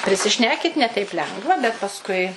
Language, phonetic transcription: Lithuanian, prisiˈšnekit' ne teip ˈlengva bet pasˈkui

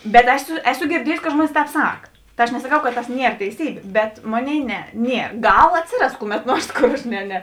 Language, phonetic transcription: Lithuanian, bet ˈeˌsu ˈeˌsu girˈdiejusi kad ˈžmuonis ˈtēp ˈsak ˈta aš nesaˈkau kad tas ˈnier teiˈsybė bet ˈmoˌnėi ˈne ˈnie ˈgal ˈatsiˌras ˈkuˌmet ˈnuors ˈkor aš ˈne ne

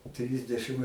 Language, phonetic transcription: Lithuanian, ˈtrisdešɨm

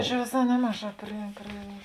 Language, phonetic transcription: Lithuanian, čia vėˈsā ˈnemaˌžā pri pri

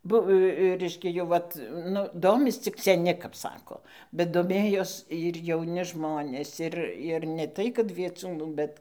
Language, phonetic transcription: Lithuanian, ˈbuv ˈreiškia jau ˈvat ˈnu ˈdomis cik seˈni kap ˈsako bet doˈmėjos ir jauˈni ˈžmonės ˈir ir ne ˈtai kad vieˈcūnų ˈbet

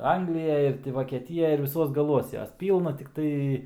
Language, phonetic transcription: Lithuanian, ˈanglijaj ir ti vokieˈtijaj ir viˈsuos gaˈluos ˈjos ˈpylna tikˈtai

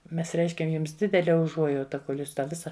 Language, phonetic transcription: Lithuanian, ˈmes ˈreiškiam ˈjums ˈdidele uˈžuojauta kol' ˈjūs ˈtą ˈvisa

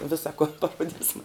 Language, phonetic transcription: Lithuanian, ˈvisa kon paˈrodisma

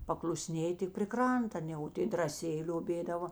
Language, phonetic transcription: Lithuanian, pakluˈsnėji tik pri ˈkranta aˈne o ˈtė draˈsėji lioˈbėdavo

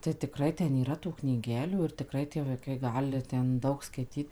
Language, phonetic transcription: Lithuanian, tai tiˈkrai ˈten yˈra tų knyˈgelių ir tiˈkrai tie vaiˈkai ˈgali ˈten ˈdaug skaiˈtyt

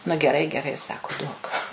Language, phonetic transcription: Lithuanian, nu geˈrai geˈrai ˈsaku ˈduok

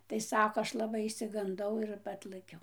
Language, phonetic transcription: Lithuanian, tai ˈsako ˈaš laˈbai išsiganˈdau ir ˈatlɘkiau

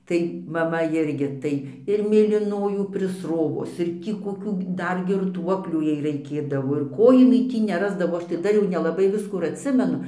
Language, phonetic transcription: Lithuanian, tai maˈma ˈirgi ˈtai ir mėlyˈnojų prisˈrovus ir ˈtį koˈkių ˈdar girˈtuoklių ˈjai raikėdavo ir ˈko jiˈnai ˈtį neˈrasdavo ˈaš tai ˈdar jau nelaˈbai ˈviskų ir atˈsimenu

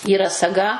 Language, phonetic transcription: Lithuanian, yˈra saˈga

